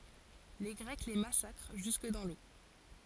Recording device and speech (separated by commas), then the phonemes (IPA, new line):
forehead accelerometer, read sentence
le ɡʁɛk le masakʁ ʒysk dɑ̃ lo